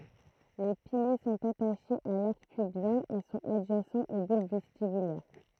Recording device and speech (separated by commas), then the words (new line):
throat microphone, read sentence
Les piliers sont attachés à l'arc pubien et sont adjacents aux bulbes vestibulaires.